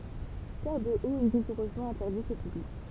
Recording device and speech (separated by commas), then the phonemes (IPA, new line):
temple vibration pickup, read sentence
tɛʁədəot ɛ ʁiɡuʁøzmɑ̃ ɛ̃tɛʁdit o pyblik